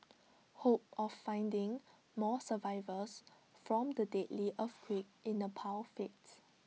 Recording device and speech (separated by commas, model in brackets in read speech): mobile phone (iPhone 6), read sentence